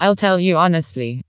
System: TTS, vocoder